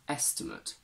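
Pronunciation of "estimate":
'Estimate' is said as the noun: its last syllable is pronounced 'ut', not 'eight' as in the verb.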